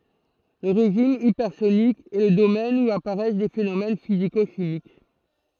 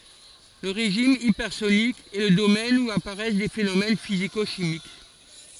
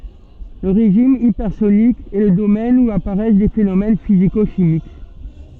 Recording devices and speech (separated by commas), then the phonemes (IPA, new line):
throat microphone, forehead accelerometer, soft in-ear microphone, read sentence
lə ʁeʒim ipɛʁsonik ɛ lə domɛn u apaʁɛs de fenomɛn fiziko ʃimik